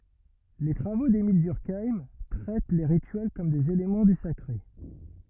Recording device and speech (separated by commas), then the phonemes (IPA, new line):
rigid in-ear microphone, read sentence
le tʁavo demil dyʁkajm tʁɛt le ʁityɛl kɔm dez elemɑ̃ dy sakʁe